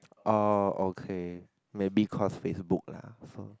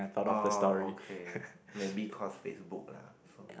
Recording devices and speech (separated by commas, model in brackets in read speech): close-talking microphone, boundary microphone, conversation in the same room